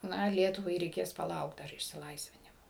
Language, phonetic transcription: Lithuanian, ˈna ˈlietuvai reiˈkės paˈlaukt ˈdar išsiˈlaisvinimo

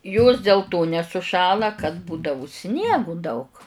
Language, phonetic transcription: Lithuanian, jos dėl to nesuˈšąla kad ˈbūdavu ˈsniegu daug

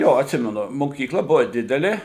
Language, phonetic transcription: Lithuanian, jo atˈsimenu mokykˈla ˈbuva ˈdidelė

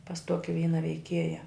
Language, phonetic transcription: Lithuanian, pas ˈtoki ˈvyna veiˈkieja

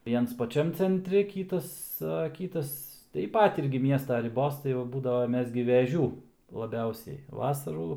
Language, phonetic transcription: Lithuanian, ˈviens paˈčiam cenˈtri ˈkytas a ˈkytas taip ˈpat ˈirgi ˈmiesta riˈbos ˈtai va ˈbūdavo ˈmes gi veˈžių laˈbiausiai ˈvasarų

